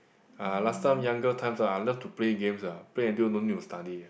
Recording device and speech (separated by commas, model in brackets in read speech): boundary microphone, conversation in the same room